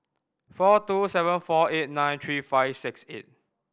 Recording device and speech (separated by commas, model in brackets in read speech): boundary microphone (BM630), read sentence